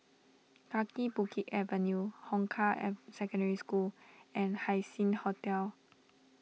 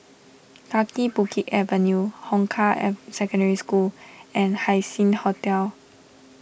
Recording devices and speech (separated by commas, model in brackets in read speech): mobile phone (iPhone 6), boundary microphone (BM630), read sentence